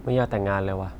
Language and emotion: Thai, frustrated